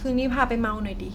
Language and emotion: Thai, frustrated